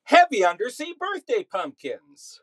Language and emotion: English, surprised